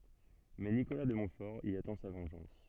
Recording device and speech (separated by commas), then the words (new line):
soft in-ear microphone, read sentence
Mais Nicolas de Montfort y attend sa vengeance.